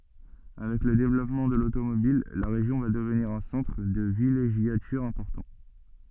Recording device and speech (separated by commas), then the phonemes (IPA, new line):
soft in-ear microphone, read sentence
avɛk lə devlɔpmɑ̃ də lotomobil la ʁeʒjɔ̃ va dəvniʁ œ̃ sɑ̃tʁ də vileʒjatyʁ ɛ̃pɔʁtɑ̃